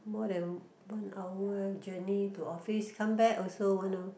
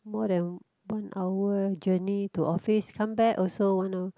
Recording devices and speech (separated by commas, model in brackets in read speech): boundary microphone, close-talking microphone, conversation in the same room